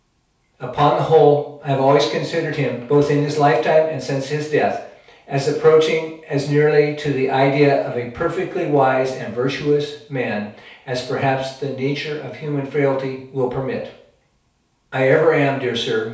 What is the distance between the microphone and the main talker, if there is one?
3.0 m.